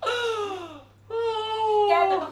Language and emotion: Thai, sad